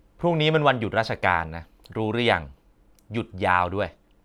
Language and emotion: Thai, frustrated